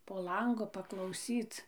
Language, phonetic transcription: Lithuanian, po ˈlangu paklauˈsyc

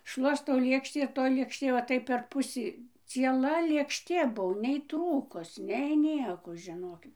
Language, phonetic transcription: Lithuanian, ˈšluostau ˈlėkštį ir toj lėkšˈtė ˈva ˈtaip per ˈpusį cieˈla lėkšˈtė ˈbuo nei ˈtrūkus nei ˈnieko žiˈnokit

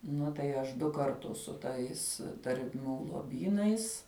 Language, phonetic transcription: Lithuanian, ˈnu tai ˈaš ˈdu karˈtus su ˈtais tarˈmių loˈbynais

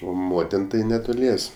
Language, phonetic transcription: Lithuanian, o ˈmotin ˈtai neˈtulies'

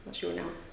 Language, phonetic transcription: Lithuanian, ˈaš jauˈniausia

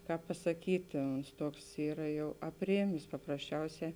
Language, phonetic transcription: Lithuanian, ˈkāp pasaˈkyti ons ˈtuoks ˈyra ˈjau apˈrėmės paprasˈčiauˌsē

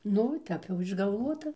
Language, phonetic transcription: Lithuanian, ˈnu ˈtep jau išgalˈvuota

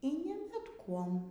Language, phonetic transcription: Lithuanian, y ˈni bet ˈkuom

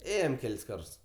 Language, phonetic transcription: Lithuanian, ˈėjom ˈkel's' ˈkarts

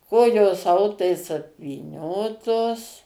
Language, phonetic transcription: Lithuanian, ˈkojos ˈautais apvyˈniotos

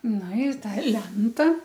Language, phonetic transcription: Lithuanian, ˈnu ˈi ˈta ˈlenta

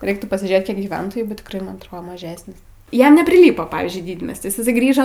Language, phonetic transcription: Lithuanian, ˈreiktų pasiˈžėt ˈkiek gyˈventojų bet tikˈrai man atˈro maˈžesnis ˈjam nepriˈlypo ˈpavyzdžiui ˈdydmiestis iˈsai ˈgrįžo

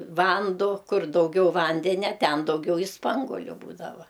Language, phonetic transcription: Lithuanian, ˈvando ˈkur dauˈgiau ˈvandenia ˈten dauˈgiau i ˈspangoliu ˈbūdava

